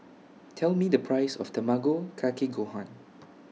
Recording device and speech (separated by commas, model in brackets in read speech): mobile phone (iPhone 6), read sentence